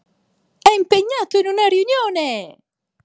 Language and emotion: Italian, happy